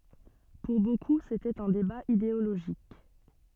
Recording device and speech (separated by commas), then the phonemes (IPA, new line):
soft in-ear microphone, read sentence
puʁ boku setɛt œ̃ deba ideoloʒik